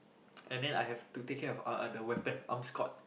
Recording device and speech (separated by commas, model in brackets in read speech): boundary microphone, conversation in the same room